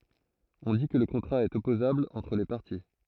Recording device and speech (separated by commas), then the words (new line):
throat microphone, read sentence
On dit que le contrat est opposable entre les parties.